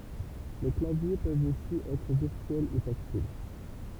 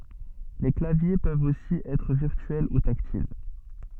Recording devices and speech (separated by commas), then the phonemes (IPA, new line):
temple vibration pickup, soft in-ear microphone, read sentence
le klavje pøvt osi ɛtʁ viʁtyɛl u taktil